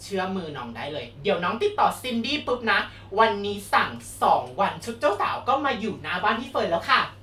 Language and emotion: Thai, happy